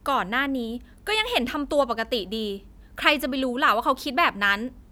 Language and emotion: Thai, frustrated